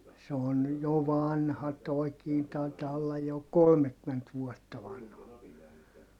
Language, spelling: Finnish, se on jo vanha tuokin taitaa olla jo kolmekymmentä vuotta vanha
- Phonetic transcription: se on , jo vanha toi̮kii tai̮taa ollaj jo , kolmekkyment vuɔtta vanha .

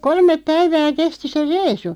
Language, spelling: Finnish, kolme päivää kesti se reissu
- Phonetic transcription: kolmep 'päivää 'kesti se "reisu .

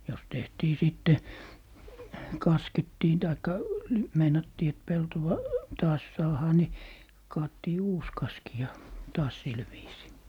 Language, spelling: Finnish, jos tehtiin sitten kaskettiin tai meinattiin että peltoa taas saadaan niin kaadettiin uusi kaski ja taas sillä viisiin
- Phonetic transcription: jos 'tehtii 'sìtte , "kaskettii taikka , 'meinattii et "peltowa , "taas 'saahaa ni , 'kaattii "uus 'kaski ja "taas 'sil viisii .

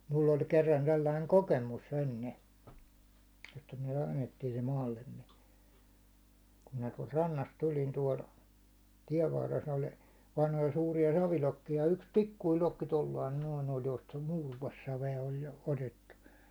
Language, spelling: Finnish, minulla oli kerran sellainen kokemus ennen että me kannettiin se maallemme kun minä tuolta rannasta tulin tuolla tien varressa oli vanhoja suuria savilokkeja ja yksi pikkuinen lokki tuolla lailla noin oli josta muuroossavea oli jo otettu
- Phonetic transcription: mull ‿oĺ kerran 'sellaiŋ "kokemus enne että myäₒ kannettii se 'maallemme , kum minä tuålt 'rannast tul̜in 'tuål , 'tiɛv varres oĺ , vanhoja suurija 'savilokkija ja yks "pikkuil 'lokki 'tollain noin ‿oĺ josta "muuruåssave₍a oĺ jo , 'otettu .

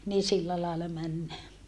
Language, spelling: Finnish, niin sillä lailla mennään
- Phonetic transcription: nii sillä laella männää .

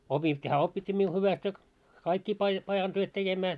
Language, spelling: Finnish, opittiin hän opetti minun hyvästi ja kaikkia - pajan työt tekemään
- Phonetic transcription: opit́t́ii , hää 'oppit́t́ii miu 'hyväst ja , kaikkii pai- 'pajan työt "tekemää .

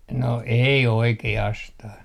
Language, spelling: Finnish, no ei oikeastaan
- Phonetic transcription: no 'ei "oike₍astah .

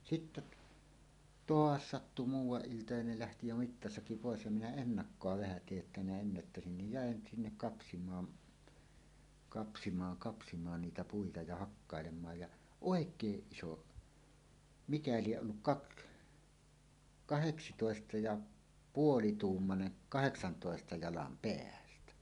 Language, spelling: Finnish, sitten - taas sattui muuan ilta ja ne lähti jo mittasakki pois ja minä ennakkoon vähän tiesin jotta minä ennättäisin niin jään sinne kapsimaan kapsimaan kapsimaan niitä puita ja hakkailemaan ja oikein iso mikä lie ollut - kahdeksantoista ja puolituumainen kahdeksantoista jalan päältä
- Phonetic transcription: sitte t- , "toas 'sattu 'muuw̆waˀ 'ˀilta ja ne lähti jo "mittasaki 'pòes ja minä "ennakkoa "vähä 'tiej jotta minä ennättäsin nij "jä̀en 'sinnek 'kapsim̀aan , kapsimaaŋ kapsimaan "niitä 'puita ja 'hakkàelem̆maaj ja , "òek̀eeˀ "ˀiso , 'mikä lieˀ ˀolluk "kak- , "kaheksitòesta ja "puolituummane , "kaheksantòesta 'jalam "peältä .

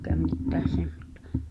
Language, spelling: Finnish, eikä mitään semmoista
- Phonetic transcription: ’ekä mittää 'semmᴏt̳tᴀ .

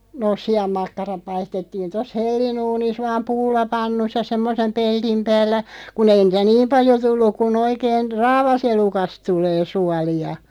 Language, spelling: Finnish, noo sianmakkarat paistettiin tuossa hellanuunissa vain pullapannussa semmoisen pellin päällä kun ei niitä niin paljon tullut kuin oikein raavaselukasta tulee suolia
- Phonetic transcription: nooˢ "si₍ammakkaraᵖ 'paistettiin 'tos "hellinuunis 'vaam "pullapannussa 'semmosem 'pelᴅim päällä , ku'n ‿ei nìtä "niim paljo 'tulluᵏ ku'n ‿oikeen , "raavaselukast 'tulee 'suali₍a .

